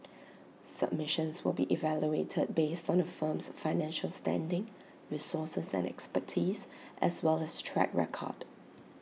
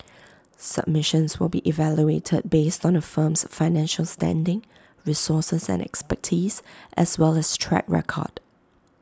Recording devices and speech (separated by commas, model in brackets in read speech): mobile phone (iPhone 6), close-talking microphone (WH20), read sentence